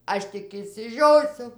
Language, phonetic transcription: Lithuanian, ˈaš tik išsiˈžiosiu

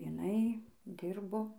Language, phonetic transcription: Lithuanian, iˈnai ˈdirbo

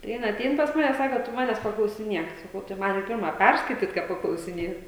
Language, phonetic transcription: Lithuanian, tai ˈjin aˈtein pas ˈmane ˈsako tu ˈmanes paklausiˈniek saˈkau tai ˈman i ˈpirma ˈpærskaityt ką paklausiˈnėt

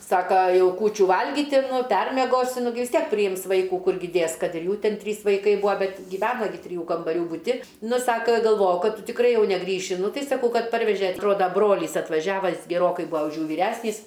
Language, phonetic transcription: Lithuanian, ˈsaka ˈjau ˈkūčių ˈvalgyti nu ˈpermiegosi nu ˈgi vis ˈtiek priˈjims ˈvaikų ˈkurgi ˈdės ˈkad ir ˈjų ˈtin ˈtrys vaiˈkai ˈbua ˈbet giˈvena gi triˈjų kambaˈrių buˈti ˈnu ˈsaka galˈvojau ˈkad ˈtu tikˈrai ˈjau neˈgrįši ˈnu ˈtai saˈkau ˈkad ˈparveže atˈroda ˈbrolys atvaˈžiava geˈrokai ˈbua už ˈjų vyˈræsnys

